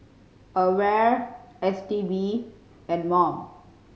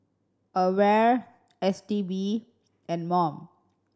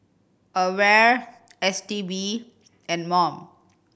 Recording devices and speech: mobile phone (Samsung C5010), standing microphone (AKG C214), boundary microphone (BM630), read sentence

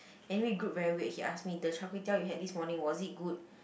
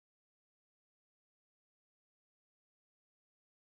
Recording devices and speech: boundary microphone, close-talking microphone, conversation in the same room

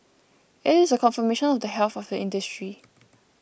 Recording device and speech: boundary microphone (BM630), read sentence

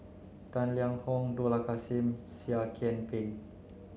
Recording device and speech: mobile phone (Samsung C9), read sentence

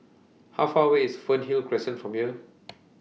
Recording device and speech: mobile phone (iPhone 6), read sentence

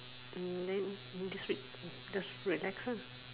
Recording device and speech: telephone, conversation in separate rooms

